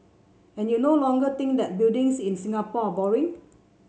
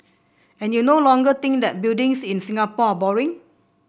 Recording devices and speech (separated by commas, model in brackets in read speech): mobile phone (Samsung C7), boundary microphone (BM630), read sentence